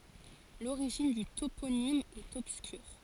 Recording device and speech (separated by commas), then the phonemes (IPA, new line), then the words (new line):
forehead accelerometer, read sentence
loʁiʒin dy toponim ɛt ɔbskyʁ
L'origine du toponyme est obscure.